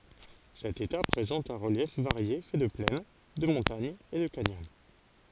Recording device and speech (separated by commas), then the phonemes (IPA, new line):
forehead accelerometer, read sentence
sɛt eta pʁezɑ̃t œ̃ ʁəljɛf vaʁje fɛ də plɛn də mɔ̃taɲz e də kanjɔn